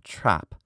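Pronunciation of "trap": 'Trap' is said the British English way, with a vowel that sounds a little bit lower.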